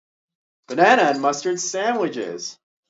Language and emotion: English, fearful